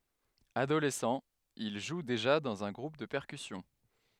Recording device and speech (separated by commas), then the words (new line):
headset microphone, read sentence
Adolescent, il joue déjà dans un groupe de percussions.